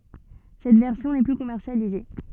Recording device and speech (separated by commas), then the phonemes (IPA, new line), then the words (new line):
soft in-ear microphone, read sentence
sɛt vɛʁsjɔ̃ nɛ ply kɔmɛʁsjalize
Cette version n'est plus commercialisée.